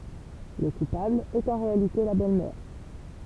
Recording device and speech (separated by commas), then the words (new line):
temple vibration pickup, read sentence
Le coupable est en réalité la belle-mère.